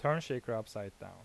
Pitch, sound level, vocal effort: 115 Hz, 84 dB SPL, normal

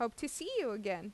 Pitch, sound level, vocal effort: 235 Hz, 86 dB SPL, normal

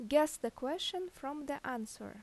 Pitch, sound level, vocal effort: 280 Hz, 83 dB SPL, normal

